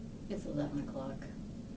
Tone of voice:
neutral